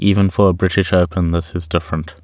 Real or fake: real